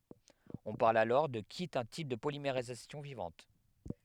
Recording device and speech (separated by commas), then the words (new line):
headset microphone, read sentence
On parle alors de qui est un type de polymérisation vivante.